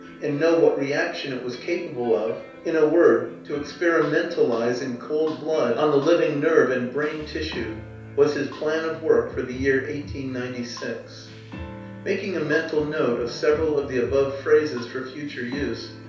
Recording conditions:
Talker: one person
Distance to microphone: 3.0 m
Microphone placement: far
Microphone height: 1.8 m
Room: small (3.7 m by 2.7 m)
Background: music

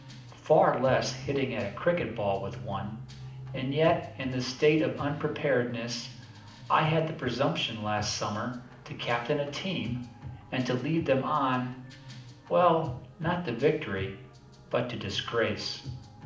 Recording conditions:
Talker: one person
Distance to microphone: 2.0 m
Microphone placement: close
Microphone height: 99 cm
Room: medium-sized (5.7 m by 4.0 m)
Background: music

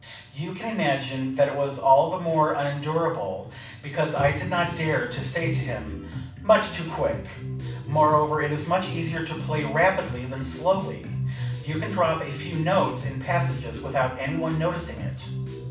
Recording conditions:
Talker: one person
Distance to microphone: 5.8 m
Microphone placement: far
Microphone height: 1.8 m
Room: medium-sized (5.7 m by 4.0 m)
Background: music

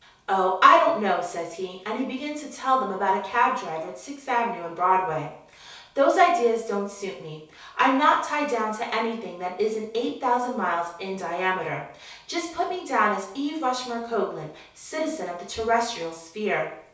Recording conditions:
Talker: one person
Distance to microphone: 3.0 m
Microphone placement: far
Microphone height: 1.8 m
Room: small (3.7 m by 2.7 m)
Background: none

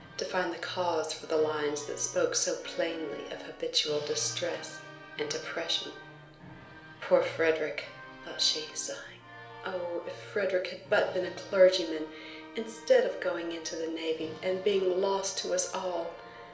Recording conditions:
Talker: one person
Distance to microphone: 1.0 m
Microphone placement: close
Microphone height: 1.1 m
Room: small (3.7 m by 2.7 m)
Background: music

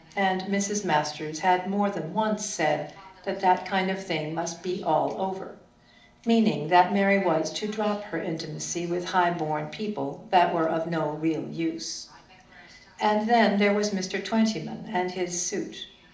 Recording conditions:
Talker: one person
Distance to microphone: 2.0 m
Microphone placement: close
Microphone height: 99 cm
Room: medium-sized (5.7 m by 4.0 m)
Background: television

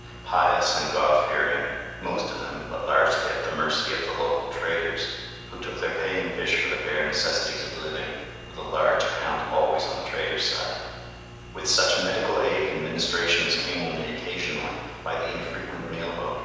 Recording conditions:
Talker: one person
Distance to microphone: 7.1 m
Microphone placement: far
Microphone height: 1.7 m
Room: very reverberant, large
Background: none

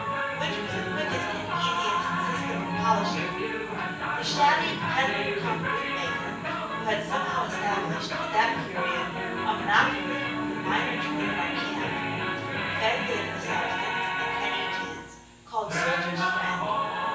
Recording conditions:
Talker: one person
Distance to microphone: 9.8 m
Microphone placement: far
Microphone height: 1.8 m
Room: large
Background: television

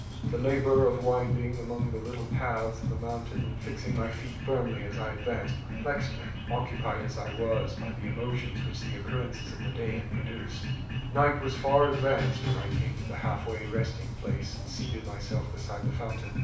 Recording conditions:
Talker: one person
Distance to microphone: 5.8 m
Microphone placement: far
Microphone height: 1.8 m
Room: medium-sized (5.7 m by 4.0 m)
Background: music

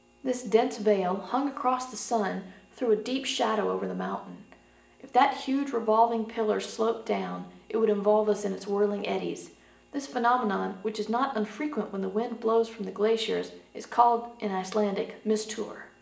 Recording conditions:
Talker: one person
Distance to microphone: 1.8 m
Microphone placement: close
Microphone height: 1.0 m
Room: large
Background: none

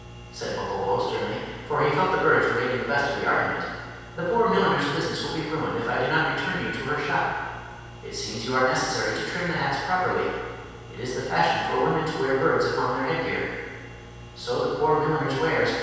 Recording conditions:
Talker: one person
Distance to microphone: 7.1 m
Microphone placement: far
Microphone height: 1.7 m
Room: very reverberant, large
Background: none

